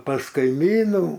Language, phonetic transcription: Lithuanian, pas kaiˈmynų

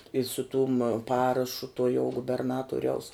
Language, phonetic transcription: Lithuanian, i su tum ˈparašu tuo jau guberˈnatuoriaus

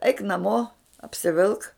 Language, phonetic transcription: Lithuanian, eik naˈmo apsiˈvilk

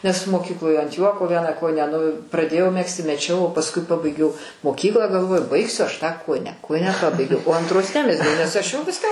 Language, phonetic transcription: Lithuanian, nes moˈkykloj ant ˈjuoko ˈvieną ˈkojinę nu praˈdėjau ˈmegzti meˈčiau o pasˈkui ˈpabaigiau moˈkyklą galˈvoju ˈbaigsiu ˈaš ˈtą ˈkojinę ˈkojinę ˈpabaigiau o antˈros ˈnemezgiau nes ˈaš jau ˈviską ˈmo

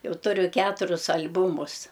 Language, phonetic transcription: Lithuanian, ˈjau ˈturiu ˈketurius al'ˈbūmus

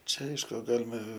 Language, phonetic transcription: Lithuanian, ˈčia ˈaišku ˈgalima

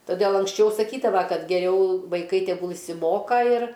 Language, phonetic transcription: Lithuanian, toˈdėl anksˈčiau saˈkydava ˈkad geˈriau vaiˈkai teˈgul išsiˈmoka ir

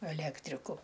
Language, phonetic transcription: Lithuanian, eˈlektriku

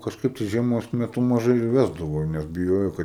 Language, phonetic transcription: Lithuanian, kažˈkaip tai žieˈmos meˈtu maˈžai ir ˈvesdavo nes biˈjojo ˈkad

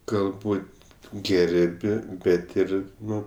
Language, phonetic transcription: Lithuanian, galˈbūt' ˈgerb' ˈbet ˈir ˈnu

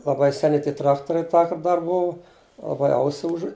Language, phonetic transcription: Lithuanian, laˈbai seˈni ˈtie ˈtraktoriai ˈtąkart ˈdar ˈbuvu laˈbai ˈausi ˈužu

